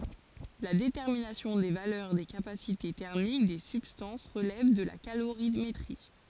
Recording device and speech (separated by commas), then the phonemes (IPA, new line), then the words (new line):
forehead accelerometer, read sentence
la detɛʁminasjɔ̃ de valœʁ de kapasite tɛʁmik de sybstɑ̃s ʁəlɛv də la kaloʁimetʁi
La détermination des valeurs des capacités thermiques des substances relève de la calorimétrie.